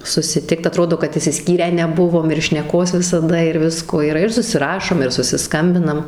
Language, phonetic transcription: Lithuanian, susiˈtikt aˈtrodo kad išsiˈskyrę neˈbuvom ir šneˈkos visaˈda ir ˈvisko yˈra ir susiˈrašom ir susiˈskambinam

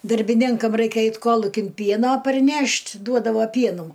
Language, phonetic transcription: Lithuanian, darbiˈninkam ˈraikia ˈait ˈkolukin ˈpieno parˈnešt' ˈduodavo ˈpienų

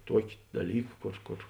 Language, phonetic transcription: Lithuanian, ˈtuoki daˈlyk ˈkor ˈkor

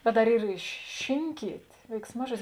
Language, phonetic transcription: Lithuanian, bet dar ˈyr i ši ˈšinkyt' veiksˈmažuodis

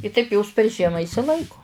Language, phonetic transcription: Lithuanian, i taip jos per ˈžiema išsiˈlaiko

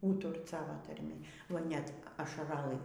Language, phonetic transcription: Lithuanian, ˈūturt ˈsavo tarˈmi oi ˈnet ašaraˈlɨ

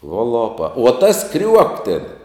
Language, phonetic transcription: Lithuanian, uo ˈlopa uo ˈtas ˈkriuok tėn

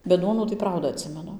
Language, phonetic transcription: Lithuanian, bet ˈduonų tai ˈprauda atˈsimenu

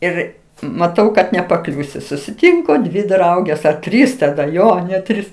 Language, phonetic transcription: Lithuanian, ˈir maˈtau kad nepaˈkliūsiu susiˈtinko dvi ˈdraugės a ˈtrys taˈda ˈjo net ˈtrys

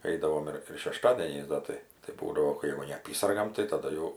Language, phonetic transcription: Lithuanian, ˈeidavom ir ir šeˈštadieniais ˈda tai tai ˈbūdavo ˈkai jau neaˈpysargam tai taˈda jau

